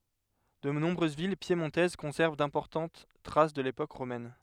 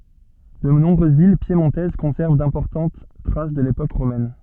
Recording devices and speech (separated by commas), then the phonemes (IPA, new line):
headset microphone, soft in-ear microphone, read sentence
də nɔ̃bʁøz vil pjemɔ̃tɛz kɔ̃sɛʁv dɛ̃pɔʁtɑ̃t tʁas də lepok ʁomɛn